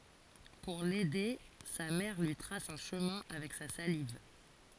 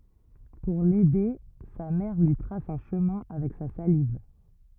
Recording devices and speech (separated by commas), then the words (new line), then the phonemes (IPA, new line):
forehead accelerometer, rigid in-ear microphone, read sentence
Pour l'aider, sa mère lui trace un chemin avec sa salive.
puʁ lɛde sa mɛʁ lyi tʁas œ̃ ʃəmɛ̃ avɛk sa saliv